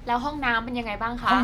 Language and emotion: Thai, frustrated